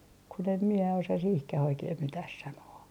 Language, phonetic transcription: Finnish, kun ‿em mie osa 'sihkä'h ‿oikeeh "mitäh 'sanoo .
- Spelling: kun en minä osaa siihenkään oikein mitään sanoa

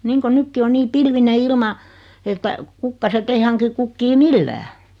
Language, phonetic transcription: Finnish, 'niiŋko 'nykki o 'nii 'pilvine "ilma , että , 'kukkasett ‿ei haŋki 'kukkii "millää .
- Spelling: niin kuin nytkin on niin pilvinen ilma että kukkaset ei hanki kukkia millään

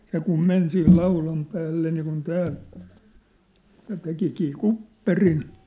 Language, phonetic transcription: Finnish, se kum 'men sih 'laulam päälle niikun 'tää , ja 'tekikii "kupperin .
- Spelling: se kun meni siihen laudan päälle niin kuin tämä ja tekikin kupperin

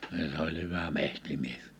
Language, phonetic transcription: Finnish, ni se ‿oĺ 'hyvä 'mehtimies .
- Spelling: niin se oli hyvä metsämies

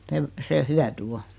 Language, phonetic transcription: Finnish, sev- , se 'hyäty "o .
- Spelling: - se hyöty on

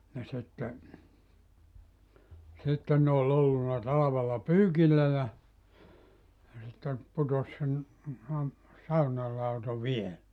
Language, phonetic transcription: Finnish, ja sitte , 'sitten ne ol ollunna 'talavella "pyykillä ja , ja sitte , 'putos sen , (tuon) , 'saunal lauto "viel(ä) .
- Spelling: ja sitten sitten ne oli ollut talvella pyykillä ja ja sitten putosi sen tuon saunan lauto vielä

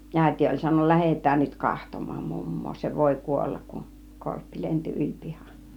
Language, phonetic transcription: Finnish, 'ä̀iti oĺ sanon(na) » "lähet̆tään nyt 'kahtom̆maam 'mummoo , se 'vòi "kuollak kun , 'korppi 'lent͕i 'yĺ 'pihan « .
- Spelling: äiti oli sanonut lähetään nyt katsomaan mummoa se voi kuolla kun korppi lensi yli pihan

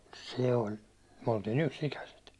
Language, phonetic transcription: Finnish, 'se oĺ , myäₒ oltii"n ‿yks'ikäset .
- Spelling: se oli me oltiin yksi-ikäiset

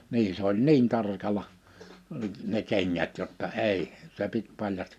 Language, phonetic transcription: Finnish, 'nii se ‿oĺ "niin 'tarkaĺa , ne 'keŋŋät jotta "èi , se 'pit 'paljastɪ ,.
- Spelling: niin se oli niin tarkalla ne kengät jotta ei se piti paljasti

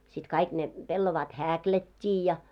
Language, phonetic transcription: Finnish, sit 'kaik 'ne , pellovaat "häkiät́t́i ja .
- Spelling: sitten kaikki ne pellavat häklättiin ja

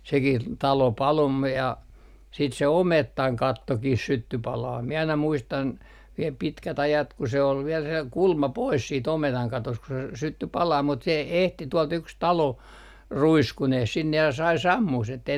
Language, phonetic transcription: Finnish, sekih , 'talo 'palo ‿m ‿me- , ja siit se "omettaŋ 'kattokih 'sytty 'palaa , mie aina 'muistan , viel 'pitkät 'ajat ku se ol 'viɛl se 'kulma "pois siit 'ometaŋ 'katost ku se s - 'sytty 'palaa mut se e - ehti tuolt 'yks 'talo , "ruiskuneh 'sinne ja sai "sammuh sen ettei ,.
- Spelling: sekin talo paloi - - ja sitten se ometan kattokin syttyi palamaan minä aina muistan vielä pitkät ajat kun se oli vielä se kulma pois sitten ometan katosta kun se - syttyi palamaan mutta se - ehti tuolta yksi talo ruiskuineen sinne ja sai sammumaan sen että ei

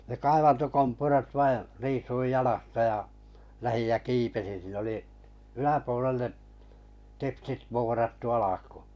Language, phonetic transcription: Finnish, ne 'kaivanto'kompurat vai , 'riisuij 'ʲalasta ʲa , lähij jä "kiipesin̬ siin ‿oli , 'yläpuolelle’ , 'teksit 'voorattu alakᴜᴜ .
- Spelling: ne kaivantokompurat vain riisuin jalasta ja lähdin ja kiipesin siinä oli yläpuolelle teksit vuorattu alkuun

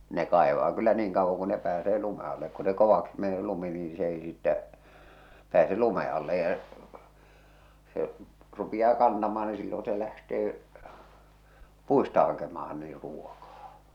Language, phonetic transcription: Finnish, ne kàevaa kyllä 'niiŋ kauvvoŋ ku ne pääsee 'lume allek ku se 'kovaksi mene 'lumi niiḭ s ‿ei sittä , pääse 'lume alle ja , se , 'rupiʲaa "kantamaa ni 'sillon̬ se lähtee , "puista hakemaha nii 'ruokaa .
- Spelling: ne kaivaa kyllä niin kauan kuin ne pääsee lumen alle kun se kovaksi menee lumi niin se ei sitten pääse lumen alle ja se rupeaa kantamaan niin silloin se lähtee puista hakemaan niin ruokaa

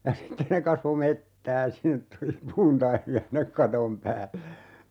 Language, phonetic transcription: Finnish, ja "sitte ne kasvo 'mettää 'sinnet tuli 'puuntaimi₍a sinnek "katom päälle .
- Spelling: ja sitten ne kasvoi metsää sinne tuli puuntaimia sinne katon päälle

